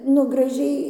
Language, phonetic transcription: Lithuanian, nu graˈžiai

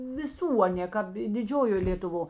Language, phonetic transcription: Lithuanian, viˈsų aˈnė ˈkāp i diˈdžiojo lėtuˈvo

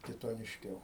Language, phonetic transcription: Lithuanian, kitonišˈkiau

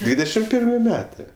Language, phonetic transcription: Lithuanian, ˈdvydešim ˈpirmi ˈmetɜ

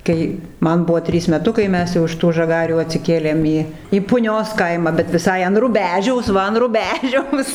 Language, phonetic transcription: Lithuanian, ˈkai ˈman ˈbuvo ˈtrys meˈtukai ˈmes jau iš ˈtų žaˈgarių atsiˈkėlėm ˈį į puˈnios ˈkaimą bet viˈsai an ruˈbežiaus ˈva an ruˈbežiaus

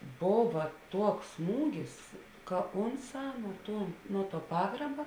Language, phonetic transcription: Lithuanian, ˈbova ˈtuoks ˈsmūgis ka ˈonˌsā nuo ˈtuo ˈnuo ˌtuo ˈpagraba

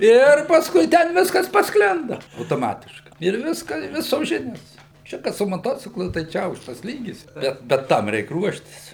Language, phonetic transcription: Lithuanian, ˈir pasˈkui ten ˈviskas pasˈklinda autoˈmatiškai ir ˈviską i ˈvisos ˈžinios ˈčia kad su moˈtociklu tai ˈčia ˈaukštas ˈlygis ˈbet bet ˈtam ˈreik ˈruoštis

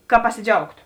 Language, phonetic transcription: Lithuanian, ka pasiˈdžiaugto

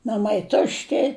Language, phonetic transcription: Lithuanian, naˈmai ˈtušti

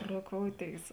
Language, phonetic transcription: Lithuanian, roˈkouˌtėis

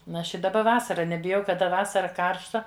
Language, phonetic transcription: Lithuanian, n ˈaš i daˈba ˈvasara nebiˈjau kaˈda ˈvasara ˈkaršta

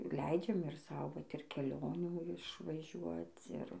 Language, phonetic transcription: Lithuanian, ˈleidžiam ir ˈsau ˈvat ir keˈlionių išvaˈžiuoc ˈir

